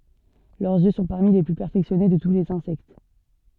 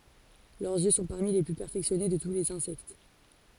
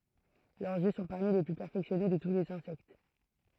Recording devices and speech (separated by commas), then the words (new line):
soft in-ear microphone, forehead accelerometer, throat microphone, read sentence
Leurs yeux sont parmi les plus perfectionnés de tous les insectes.